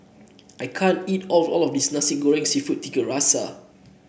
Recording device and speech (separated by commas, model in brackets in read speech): boundary microphone (BM630), read sentence